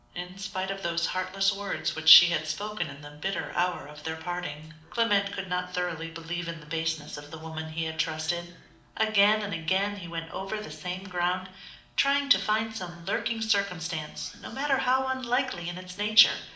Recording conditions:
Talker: one person; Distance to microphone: 2.0 m; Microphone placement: close; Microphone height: 99 cm; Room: medium-sized (5.7 m by 4.0 m); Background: television

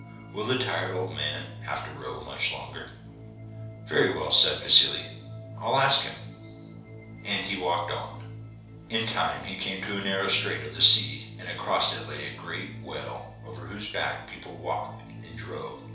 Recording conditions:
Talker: one person; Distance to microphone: 3.0 m; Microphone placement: far; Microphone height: 1.8 m; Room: small (3.7 m by 2.7 m); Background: music

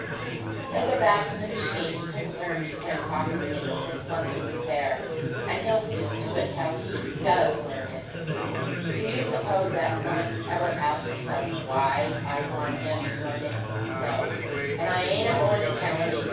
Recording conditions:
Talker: one person; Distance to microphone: 9.8 m; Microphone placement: far; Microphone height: 1.8 m; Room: large; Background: babble

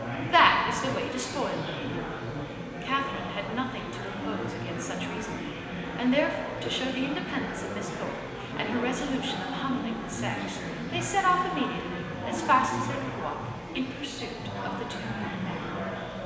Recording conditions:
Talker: one person; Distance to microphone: 1.7 m; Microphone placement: close; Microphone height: 1.0 m; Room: very reverberant, large; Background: babble

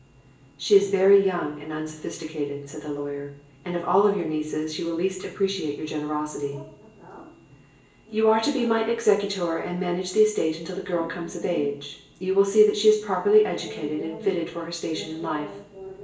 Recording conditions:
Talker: one person; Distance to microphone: 1.8 m; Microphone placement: close; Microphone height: 1.0 m; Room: large; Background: television

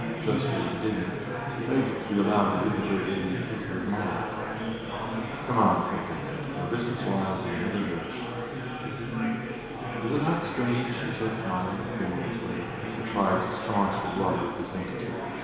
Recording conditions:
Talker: one person; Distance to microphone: 1.7 m; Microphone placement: close; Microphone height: 1.0 m; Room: very reverberant, large; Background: babble

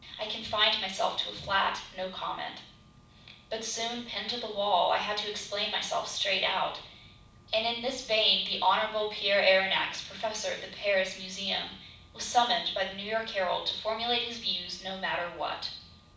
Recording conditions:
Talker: one person; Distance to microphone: 5.8 m; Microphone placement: far; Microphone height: 1.8 m; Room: medium-sized (5.7 m by 4.0 m); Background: none

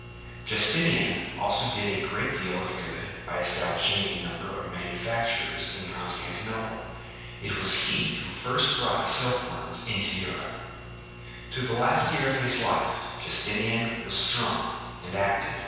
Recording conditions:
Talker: one person; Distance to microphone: 7.1 m; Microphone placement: far; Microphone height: 1.7 m; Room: very reverberant, large; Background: none

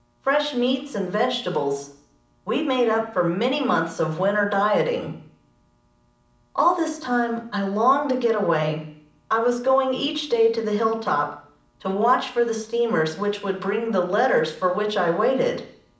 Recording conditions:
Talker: one person; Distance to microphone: 2.0 m; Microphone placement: close; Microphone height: 99 cm; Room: medium-sized (5.7 m by 4.0 m); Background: none

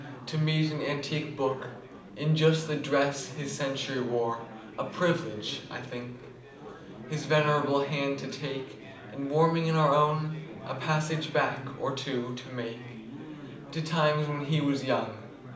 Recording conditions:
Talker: one person; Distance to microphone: 2.0 m; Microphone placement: close; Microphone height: 99 cm; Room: medium-sized (5.7 m by 4.0 m); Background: babble

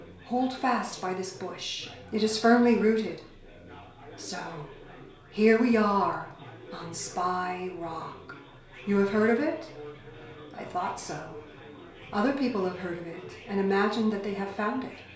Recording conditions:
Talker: one person; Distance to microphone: 1.0 m; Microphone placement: close; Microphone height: 1.1 m; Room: small (3.7 m by 2.7 m); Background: babble

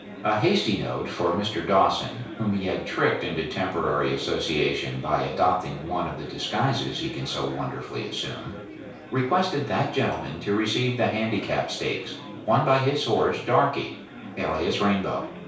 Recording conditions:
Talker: one person; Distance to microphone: 3.0 m; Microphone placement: far; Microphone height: 1.8 m; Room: small (3.7 m by 2.7 m); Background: babble

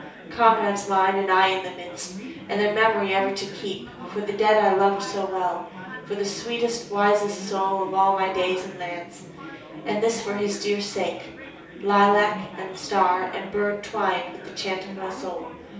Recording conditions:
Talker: one person; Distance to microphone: 3.0 m; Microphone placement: far; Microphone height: 1.8 m; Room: small (3.7 m by 2.7 m); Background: babble

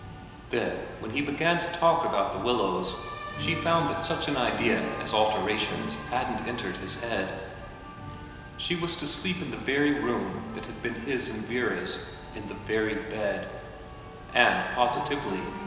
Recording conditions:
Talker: one person; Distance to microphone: 1.7 m; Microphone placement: close; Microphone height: 1.0 m; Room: very reverberant, large; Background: music

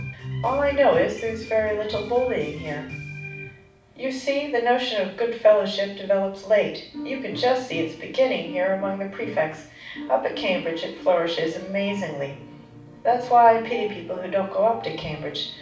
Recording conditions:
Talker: one person; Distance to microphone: 5.8 m; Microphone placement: far; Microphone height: 1.8 m; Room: medium-sized (5.7 m by 4.0 m); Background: music

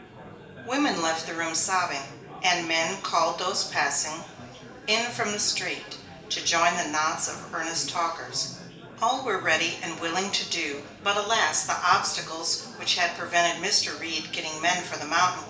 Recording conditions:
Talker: one person; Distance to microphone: 1.8 m; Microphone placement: close; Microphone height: 1.0 m; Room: large; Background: babble

